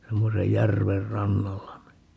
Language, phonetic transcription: Finnish, 'semmosej "järver "rannalla ni , .
- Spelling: semmoisen järven rannalla niin

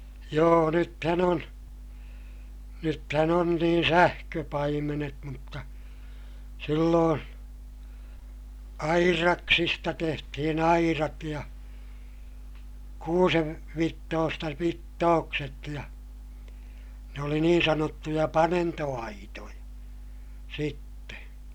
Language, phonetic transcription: Finnish, joo nythän ‿on , nythän ‿on niin sähköpaimenet mutta , silloon , airaksista tehtihin airat ja , kuusev- , -vittoosta vittookset ja , ne oli niin sanottuja panento₍aitoja , sitte .
- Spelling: joo nythän on nythän on niin sähköpaimenet mutta silloin aidaksista tehtiin aidat ja - kuusenvitsoista vitsookset ja ne oli niin sanottuja panentoaitoja sitten

